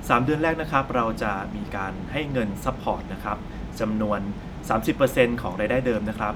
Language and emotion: Thai, neutral